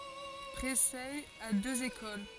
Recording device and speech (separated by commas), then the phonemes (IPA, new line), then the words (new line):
forehead accelerometer, read sentence
pʁesɛ a døz ekol
Précey a deux écoles.